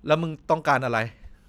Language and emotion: Thai, angry